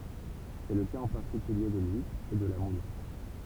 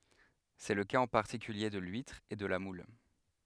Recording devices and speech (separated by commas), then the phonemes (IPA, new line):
temple vibration pickup, headset microphone, read sentence
sɛ lə kaz ɑ̃ paʁtikylje də lyitʁ e də la mul